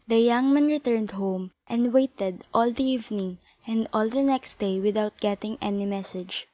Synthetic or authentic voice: authentic